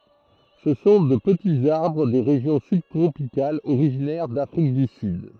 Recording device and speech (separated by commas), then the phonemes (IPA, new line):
throat microphone, read sentence
sə sɔ̃ də pətiz aʁbʁ de ʁeʒjɔ̃ sybtʁopikalz oʁiʒinɛʁ dafʁik dy syd